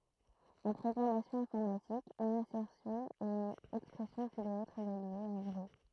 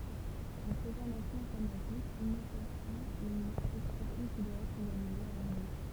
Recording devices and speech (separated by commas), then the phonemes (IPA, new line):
throat microphone, temple vibration pickup, read sentence
ɑ̃ pʁɔɡʁamasjɔ̃ ɛ̃fɔʁmatik yn asɛʁsjɔ̃ ɛt yn ɛkspʁɛsjɔ̃ ki dwa ɛtʁ evalye a vʁɛ